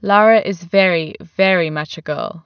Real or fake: real